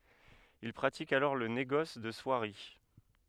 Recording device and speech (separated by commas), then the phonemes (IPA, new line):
headset microphone, read sentence
il pʁatik alɔʁ lə neɡɔs də swaʁi